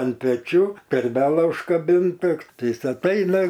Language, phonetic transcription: Lithuanian, an peˈčių terˈbela užkaˈbinta ˈtai ˈjis atˈaina

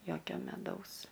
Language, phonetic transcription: Lithuanian, ˈjokio meˈdaus

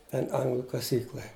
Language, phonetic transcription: Lithuanian, ˈten ˈanglu kaˈsykla

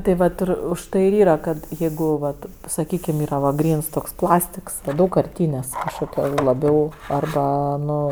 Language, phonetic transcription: Lithuanian, tai ˈvat ir užˈtai ir ˈyra kad jeigu vat saˈkykim ˈyra va ˈgryns toks ˈplastiks ˈdaugkarˌtynės' kažkoˈkio laˈbiau arˈba ˈnu

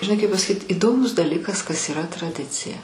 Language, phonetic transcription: Lithuanian, žiˈnai kaip pasaˈkyt iˈdomus daˈlikas kas yˈra traˈdicija

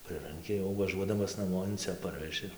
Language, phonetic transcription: Lithuanian, ˈprɨranki jau vaˈžuodamas naˈmo in ˈcia ˈparveži

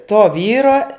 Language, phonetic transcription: Lithuanian, to ˈvyro

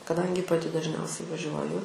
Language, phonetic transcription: Lithuanian, kaˈdangi paˈti dažˈniausiai vaˈžiuoju

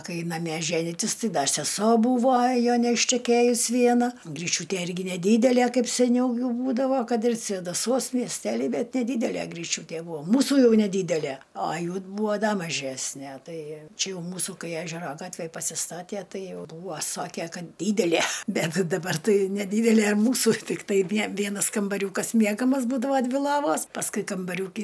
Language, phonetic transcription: Lithuanian, ˈkai naˈme ˈženitis ˈtɨ ˈda seˈso ˈbūvo ˈjo neišteˈkėjus ˈviena gryˈčiūtė ˈirgi neˈdydelie ˈkaip seˈniau ˈjų ˈbūdavo ˈkad ir svėdaˈsuos miesˈtely ˈbet neˈdydelė griˈčiūtė ˈbūvo ˈmūsu ˈjau neˈdydele a ˈjų ˈbūva ˈda maˈžesnæ ˈtai ˈčia jau ˈmūsų ˈkai ˈežero ˈgatvej pasiˈstatie ˈtai ˈjau ˈbūvo ˈsokė ˈkad ˈdydelie ˈbet daˈbar ˈtai neˈdydelė ˈmūsu tikˈtai ˈvie ˈvienas kambaˈriūkas ˈmiegamas ˈbūdava ˈdvi ˈlovos pasˈkui kambaˈriūky

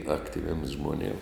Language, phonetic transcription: Lithuanian, ˈaktiviems žmoˈnėm

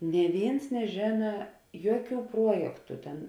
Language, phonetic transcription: Lithuanian, nė ˈvėins neˈžėna ˈjuoˌkių ˈpruojektu ˈten

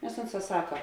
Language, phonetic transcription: Lithuanian, nes ˈunˌsā ˈsaka

